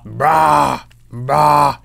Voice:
scary voice